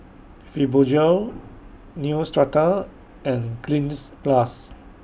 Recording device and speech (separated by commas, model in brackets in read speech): boundary microphone (BM630), read sentence